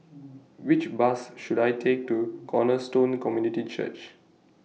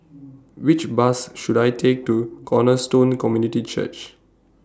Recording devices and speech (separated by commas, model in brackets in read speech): mobile phone (iPhone 6), standing microphone (AKG C214), read sentence